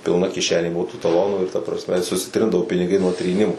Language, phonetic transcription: Lithuanian, pilˈna kiˈšenė ˈbuvo tų taˈlonų ir ta prasˈme susiˈtrindavo piniˈgai nuo tryˈnimu

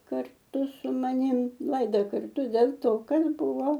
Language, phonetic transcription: Lithuanian, karˈtu su maˈnim ˈlaida karˈtu del' ˈto ˈkad ˈbuvo

